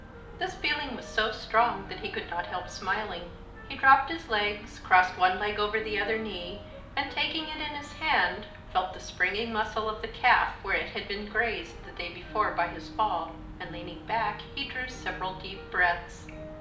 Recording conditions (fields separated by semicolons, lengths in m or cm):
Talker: one person; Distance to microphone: 2.0 m; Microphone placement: close; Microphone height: 99 cm; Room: medium-sized (5.7 m by 4.0 m); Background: music